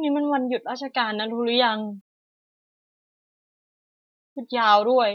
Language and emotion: Thai, frustrated